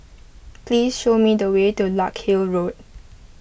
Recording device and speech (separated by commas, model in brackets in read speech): boundary microphone (BM630), read sentence